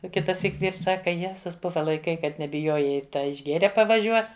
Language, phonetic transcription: Lithuanian, o ˈkitaˌsyk ˈvyrs ˈsaka ˈjezus ˈbuva laiˈkai ˈkad nebiˈjojai ta išˈgėre pavaˈžiuo

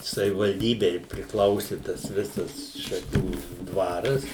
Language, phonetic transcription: Lithuanian, savivalˈdybei prikˈlausi tas ˈvisas šaˈkių ˈdvaras

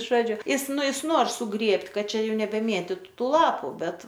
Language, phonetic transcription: Lithuanian, ˈžodžiu ˈjis ˈnu jis ˈnor suˈgrėbt' ˈkad ˈčia ˈjų nebeˈmėtytu tų ˈlapu ˈbet

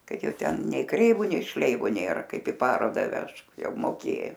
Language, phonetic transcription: Lithuanian, ˈkad ˈjau ˈten nei ˈkreivu nei ˈšleivu ˈnėra ˈkaip i ˈparoda ˈvežk ˈjau moˈkė

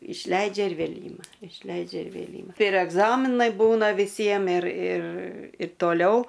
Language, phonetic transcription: Lithuanian, išˈleidžia ir ˈvėl' ˈyma išˈleidžia ir vėl' ˈyma ir egˈzaminai ˈbūna viˈsiem ir ir i toˈliau

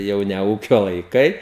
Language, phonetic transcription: Lithuanian, ˈjau ne ˈūkio laiˈkai

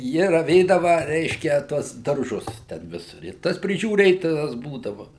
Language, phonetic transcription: Lithuanian, ˈji raˈvėdava ˈreiškia ˈtuos darˈžus ten ˈvis i ˈtas prižiūˈrėtojas ˈbūdava

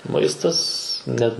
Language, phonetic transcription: Lithuanian, ˈmaistas net

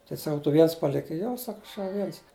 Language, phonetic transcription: Lithuanian, tai saˈkau tu ˈviens ˈpalikai ˈjo ˈsak ˈaš jau ˈviens

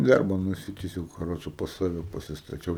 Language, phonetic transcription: Lithuanian, i ˈdarba nuˈsitisiau kaˈroče pas ˈsave pasistaˈčiau

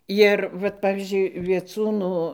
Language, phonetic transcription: Lithuanian, ˈjir vat ˈpavyzdžiui vieˈcūnu

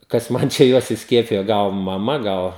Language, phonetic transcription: Lithuanian, kas ˈman čia ˈjuos isˈkiepijo ˈgal maˈma ˈgal

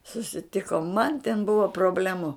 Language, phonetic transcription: Lithuanian, susiˈtikom man ten ˈbuva proˈblemu

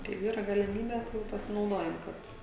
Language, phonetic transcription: Lithuanian, kai ˈyra galiˈmybe ˈjau pasinauˈdojam ˈkad

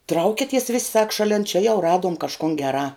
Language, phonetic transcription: Lithuanian, ˈtraukities vis' sak šaˈlen čia jau ˈraduom kažˈkun geˈrā

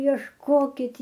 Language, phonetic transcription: Lithuanian, iešˈkokit

